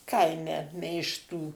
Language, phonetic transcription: Lithuanian, ˈkaime meišˈtų

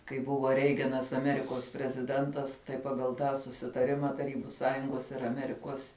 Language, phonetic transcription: Lithuanian, kai ˈbuvo ˈreiganas aˈmerikos preziˈdentas tai ˈpagal ˈtą susitaˈrima taˈrybu ˈsąjungos ir aˈmerikuos

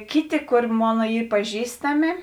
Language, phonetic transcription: Lithuanian, ˈkiˌti ˈkor ˈmona ˈy paˈžįstami

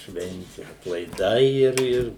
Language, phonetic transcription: Lithuanian, ˈšventi atlaiˈdai ˈir ˈir

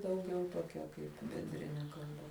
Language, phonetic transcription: Lithuanian, dauˈgiau toˈkia kaip benˈdrine kalˈba

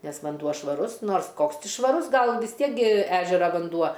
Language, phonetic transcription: Lithuanian, ˈnes vanˈduo švaˈrus ˈnors ˈkoks ˈti švaˈrus ˈgal vis ˈtiek gi ˈežera vanˈduo

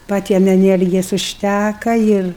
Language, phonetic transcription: Lithuanian, paˈtiem eˈniergijas užˈtæka ˈir

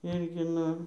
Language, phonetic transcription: Lithuanian, ˈirgi ˈnu

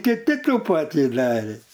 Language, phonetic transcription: Lithuanian, kiˈti ˈtų ˈpatį ˈdarė

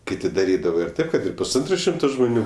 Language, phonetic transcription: Lithuanian, ˈkiti daˈrydava ir ˈtaip kad ir pusˈantro ˈšimto žmoˈnių

